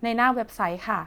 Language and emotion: Thai, neutral